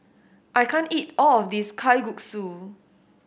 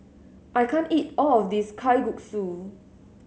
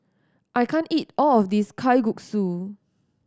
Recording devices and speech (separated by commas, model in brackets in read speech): boundary microphone (BM630), mobile phone (Samsung S8), standing microphone (AKG C214), read sentence